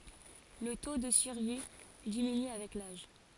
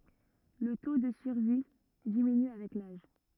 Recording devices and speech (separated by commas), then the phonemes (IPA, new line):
forehead accelerometer, rigid in-ear microphone, read sentence
lə to də syʁvi diminy avɛk laʒ